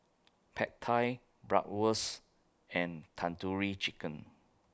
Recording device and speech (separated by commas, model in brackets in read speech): close-talking microphone (WH20), read sentence